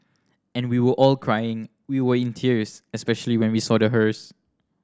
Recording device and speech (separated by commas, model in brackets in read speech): standing microphone (AKG C214), read sentence